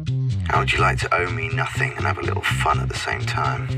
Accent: Russian voice